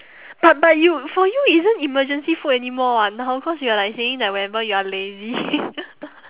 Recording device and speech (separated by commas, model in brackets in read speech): telephone, conversation in separate rooms